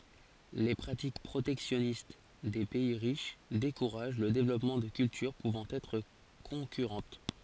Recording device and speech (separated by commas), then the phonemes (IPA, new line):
forehead accelerometer, read sentence
le pʁatik pʁotɛksjɔnist de pɛi ʁiʃ dekuʁaʒ lə devlɔpmɑ̃ də kyltyʁ puvɑ̃ ɛtʁ kɔ̃kyʁɑ̃t